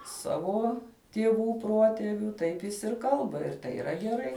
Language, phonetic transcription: Lithuanian, ˈsavo tieˈvų ˈpruoteviu ˈtaip jis ir ˈkalba ir tai yˈra geˈrai

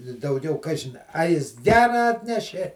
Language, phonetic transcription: Lithuanian, i dauˈgiau ˈkažin a ˈjis ˈgera ˈatnešė

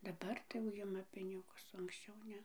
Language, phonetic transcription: Lithuanian, daˈbar tai jau ˈjima ˈpinigus o anksˈčiau ˈne

